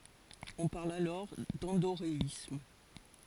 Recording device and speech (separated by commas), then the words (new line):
forehead accelerometer, read sentence
On parle alors d'endoréisme.